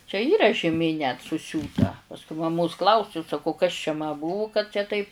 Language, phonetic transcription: Lithuanian, čia ˈyra žiˈmė net suˈsiūta pasˈkui maˈmos klauˈsiu saˈkau kas čia ma ˈbuvu kad čia ˈtaip

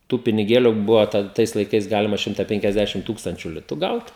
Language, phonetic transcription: Lithuanian, tų piniˈgėliu ˈbuva ˈtad ˈtais laiˈkais ˈgalima ˈšimta penkiasˈdešim ˈtūkstančiu ˈlitu ˈgaut

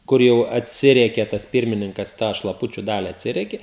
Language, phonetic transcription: Lithuanian, ˈkur jau atˈsirieke tas ˈpyrmininkas tą šlaˈpučiu ˈdali atˈsiriekė

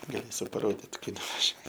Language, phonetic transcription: Lithuanian, gaˈlėsiu paˈrodit ˈkai nuvaˈžiuo

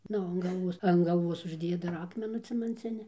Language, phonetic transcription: Lithuanian, ˈnu an galˈvuos an galˈvuos užˈdėja dar ˈakmenų cemanˈcini

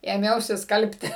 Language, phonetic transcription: Lithuanian, ėˈmiausi ˈskalbti

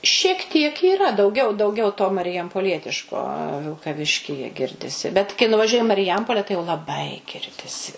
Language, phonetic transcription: Lithuanian, šiek tiek yˈra dauˈgiau dauˈgiau to marijampoˈlietiško vilkaˈviškyje ˈgirdisi bet kai nuvaˈžiuoji i mariˈjampole tai jau laˈbai ˈgirdisi

